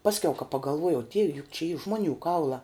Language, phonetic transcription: Lithuanian, ˈpaskiau ka pagalˈvuojau ˈdieve juk čia y ˈžmoˌnių ˈkaulā

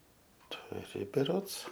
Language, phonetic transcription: Lithuanian, tuˈri beˈrods

